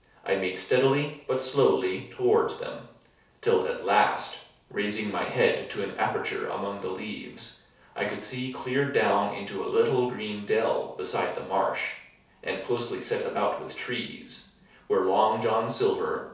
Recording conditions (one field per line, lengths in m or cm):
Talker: one person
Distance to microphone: 3.0 m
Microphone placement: far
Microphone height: 1.8 m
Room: small (3.7 m by 2.7 m)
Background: none